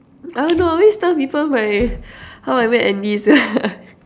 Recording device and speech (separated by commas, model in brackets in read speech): standing microphone, conversation in separate rooms